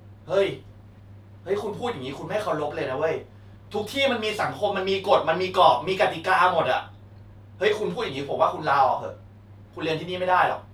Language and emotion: Thai, angry